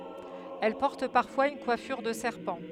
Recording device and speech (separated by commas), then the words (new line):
headset microphone, read sentence
Elle porte parfois une coiffure de serpent.